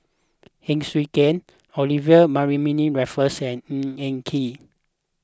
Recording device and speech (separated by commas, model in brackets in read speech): close-talking microphone (WH20), read sentence